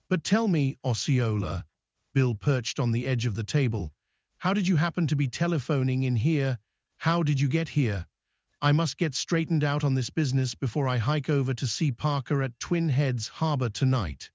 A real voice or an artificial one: artificial